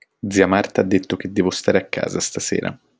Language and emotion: Italian, neutral